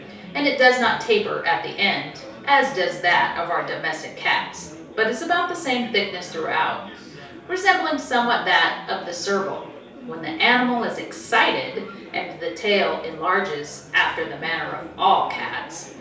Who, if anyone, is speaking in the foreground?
One person.